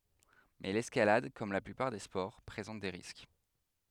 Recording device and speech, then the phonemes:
headset microphone, read sentence
mɛ lɛskalad kɔm la plypaʁ de spɔʁ pʁezɑ̃t de ʁisk

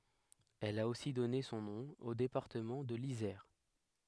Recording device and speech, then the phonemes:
headset microphone, read sentence
ɛl a osi dɔne sɔ̃ nɔ̃ o depaʁtəmɑ̃ də lizɛʁ

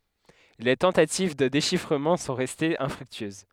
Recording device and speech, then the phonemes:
headset microphone, read sentence
le tɑ̃tativ də deʃifʁəmɑ̃ sɔ̃ ʁɛstez ɛ̃fʁyktyøz

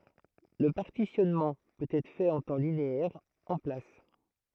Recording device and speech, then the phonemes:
throat microphone, read sentence
lə paʁtisjɔnmɑ̃ pøt ɛtʁ fɛt ɑ̃ tɑ̃ lineɛʁ ɑ̃ plas

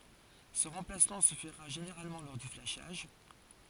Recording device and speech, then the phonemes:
forehead accelerometer, read sentence
sə ʁɑ̃plasmɑ̃ sə fəʁa ʒeneʁalmɑ̃ lɔʁ dy flaʃaʒ

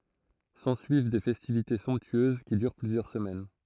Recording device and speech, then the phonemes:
throat microphone, read sentence
sɑ̃syiv de fɛstivite sɔ̃ptyøz ki dyʁ plyzjœʁ səmɛn

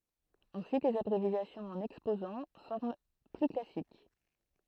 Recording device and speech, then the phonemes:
throat microphone, read sentence
ɑ̃syit lez abʁevjasjɔ̃z ɑ̃n ɛkspozɑ̃ fɔʁm ply klasik

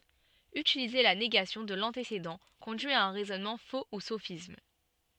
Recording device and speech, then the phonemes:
soft in-ear microphone, read sentence
ytilize la neɡasjɔ̃ də lɑ̃tesedɑ̃ kɔ̃dyi a œ̃ ʁɛzɔnmɑ̃ fo u sofism

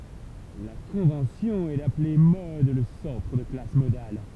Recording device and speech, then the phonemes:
temple vibration pickup, read sentence
la kɔ̃vɑ̃sjɔ̃ ɛ daple mɔd lə sɑ̃tʁ də la klas modal

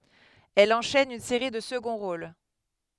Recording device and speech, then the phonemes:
headset microphone, read sentence
ɛl ɑ̃ʃɛn yn seʁi də səɡɔ̃ ʁol

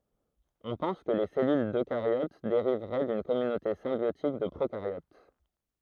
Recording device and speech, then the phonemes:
throat microphone, read sentence
ɔ̃ pɑ̃s kə le sɛlyl døkaʁjot deʁivʁɛ dyn kɔmynote sɛ̃bjotik də pʁokaʁjot

